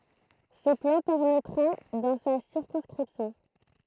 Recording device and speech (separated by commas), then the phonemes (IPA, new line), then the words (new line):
throat microphone, read sentence
sə plɑ̃ pɛʁmɛtʁa dɑ̃ sa siʁkɔ̃skʁipsjɔ̃
Ce plan permettra dans sa circonscription.